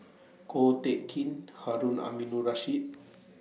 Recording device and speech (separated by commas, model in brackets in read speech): mobile phone (iPhone 6), read sentence